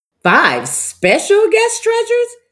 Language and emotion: English, surprised